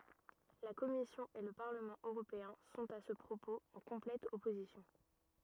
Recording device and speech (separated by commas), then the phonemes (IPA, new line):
rigid in-ear microphone, read sentence
la kɔmisjɔ̃ e lə paʁləmɑ̃ øʁopeɛ̃ sɔ̃t a sə pʁopoz ɑ̃ kɔ̃plɛt ɔpozisjɔ̃